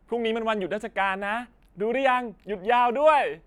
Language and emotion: Thai, happy